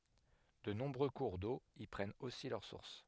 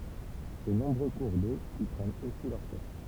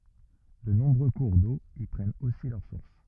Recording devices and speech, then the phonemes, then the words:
headset microphone, temple vibration pickup, rigid in-ear microphone, read sentence
də nɔ̃bʁø kuʁ do i pʁɛnt osi lœʁ suʁs
De nombreux cours d'eau y prennent aussi leur source.

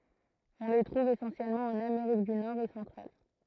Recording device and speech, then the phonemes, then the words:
throat microphone, read sentence
ɔ̃ le tʁuv esɑ̃sjɛlmɑ̃ ɑ̃n ameʁik dy nɔʁ e sɑ̃tʁal
On les trouve essentiellement en Amérique du Nord et centrale.

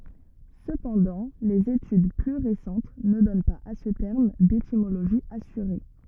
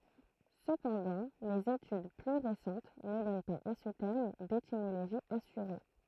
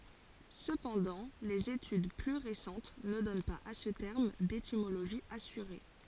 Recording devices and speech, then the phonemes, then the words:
rigid in-ear microphone, throat microphone, forehead accelerometer, read sentence
səpɑ̃dɑ̃ lez etyd ply ʁesɑ̃t nə dɔn paz a sə tɛʁm detimoloʒi asyʁe
Cependant, les études plus récentes ne donnent pas à ce terme d'étymologie assurée.

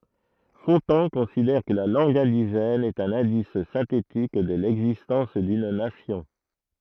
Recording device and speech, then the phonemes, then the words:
throat microphone, read sentence
fɔ̃tɑ̃ kɔ̃sidɛʁ kə la lɑ̃ɡ ɛ̃diʒɛn ɛt œ̃n ɛ̃dis sɛ̃tetik də lɛɡzistɑ̃s dyn nasjɔ̃
Fontan considère que la langue indigène est un indice synthétique de l'existence d'une nation.

